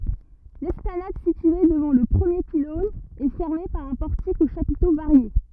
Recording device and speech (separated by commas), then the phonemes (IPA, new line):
rigid in-ear microphone, read sentence
lɛsplanad sitye dəvɑ̃ lə pʁəmje pilɔ̃n ɛ fɛʁme paʁ œ̃ pɔʁtik o ʃapito vaʁje